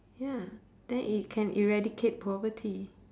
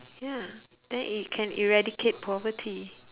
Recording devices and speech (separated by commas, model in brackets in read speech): standing microphone, telephone, conversation in separate rooms